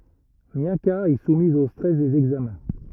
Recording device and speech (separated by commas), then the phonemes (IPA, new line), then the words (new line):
rigid in-ear microphone, read sentence
mjaka ɛ sumiz o stʁɛs dez ɛɡzamɛ̃
Miaka est soumise au stress des examens.